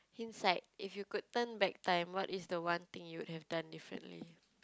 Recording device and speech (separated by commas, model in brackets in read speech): close-talking microphone, conversation in the same room